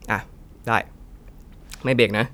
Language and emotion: Thai, neutral